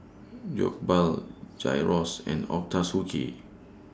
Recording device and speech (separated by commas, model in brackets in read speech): standing microphone (AKG C214), read sentence